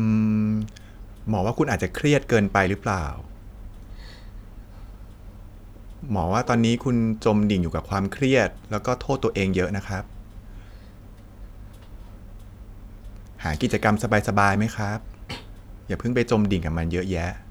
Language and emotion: Thai, neutral